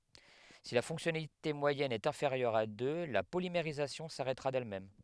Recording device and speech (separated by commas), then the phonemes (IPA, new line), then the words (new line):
headset microphone, read sentence
si la fɔ̃ksjɔnalite mwajɛn ɛt ɛ̃feʁjœʁ a dø la polimeʁizasjɔ̃ saʁɛtʁa dɛlmɛm
Si la fonctionnalité moyenne est inférieure à deux, la polymérisation s'arrêtera d'elle-même.